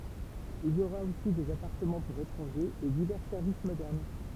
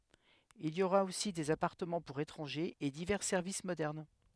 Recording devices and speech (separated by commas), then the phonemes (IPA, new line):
temple vibration pickup, headset microphone, read sentence
il i oʁa osi dez apaʁtəmɑ̃ puʁ etʁɑ̃ʒez e divɛʁ sɛʁvis modɛʁn